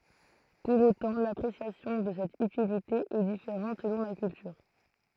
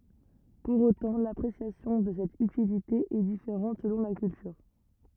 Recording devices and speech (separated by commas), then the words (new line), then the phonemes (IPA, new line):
throat microphone, rigid in-ear microphone, read sentence
Pour autant, l'appréciation de cette utilité est différente selon la culture.
puʁ otɑ̃ lapʁesjasjɔ̃ də sɛt ytilite ɛ difeʁɑ̃t səlɔ̃ la kyltyʁ